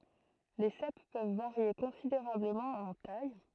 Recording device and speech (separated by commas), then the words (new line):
throat microphone, read sentence
Les cèpes peuvent varier considérablement en taille.